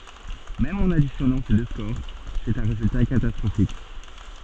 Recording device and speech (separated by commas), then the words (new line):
soft in-ear microphone, read sentence
Même en additionnant ces deux scores, c'est un résultat catastrophique.